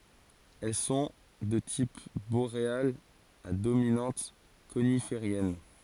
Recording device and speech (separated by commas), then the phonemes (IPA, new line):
forehead accelerometer, read sentence
ɛl sɔ̃ də tip boʁealz a dominɑ̃t konifeʁjɛn